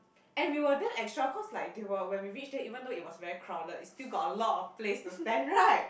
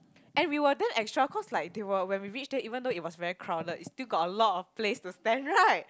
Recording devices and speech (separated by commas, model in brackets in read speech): boundary microphone, close-talking microphone, conversation in the same room